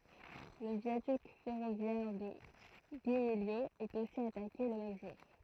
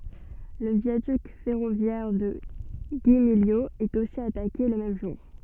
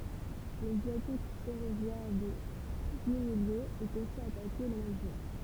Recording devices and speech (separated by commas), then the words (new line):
throat microphone, soft in-ear microphone, temple vibration pickup, read sentence
Le viaduc ferroviaire de Guimiliau est aussi attaqué le même jour.